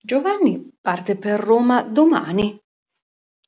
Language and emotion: Italian, surprised